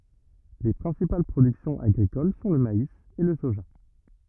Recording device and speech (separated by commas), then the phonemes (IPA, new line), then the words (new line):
rigid in-ear microphone, read sentence
le pʁɛ̃sipal pʁodyksjɔ̃z aɡʁikol sɔ̃ lə mais e lə soʒa
Les principales productions agricoles sont le maïs et le soja.